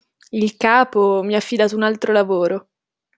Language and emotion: Italian, neutral